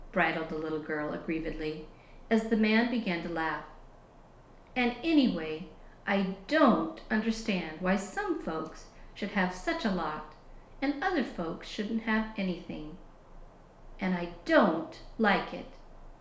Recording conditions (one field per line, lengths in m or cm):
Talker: one person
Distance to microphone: 1.0 m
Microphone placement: close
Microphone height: 1.1 m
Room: small (3.7 m by 2.7 m)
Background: none